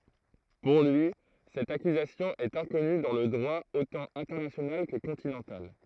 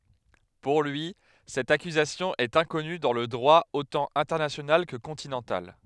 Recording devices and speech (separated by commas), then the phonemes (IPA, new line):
throat microphone, headset microphone, read sentence
puʁ lyi sɛt akyzasjɔ̃ ɛt ɛ̃kɔny dɑ̃ lə dʁwa otɑ̃ ɛ̃tɛʁnasjonal kə kɔ̃tinɑ̃tal